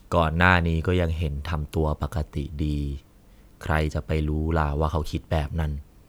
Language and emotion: Thai, neutral